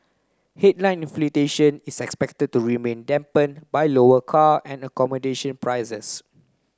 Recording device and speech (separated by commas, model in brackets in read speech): close-talking microphone (WH30), read sentence